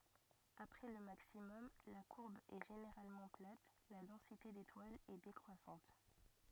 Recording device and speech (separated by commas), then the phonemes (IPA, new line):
rigid in-ear microphone, read sentence
apʁɛ lə maksimɔm la kuʁb ɛ ʒeneʁalmɑ̃ plat la dɑ̃site detwalz ɛ dekʁwasɑ̃t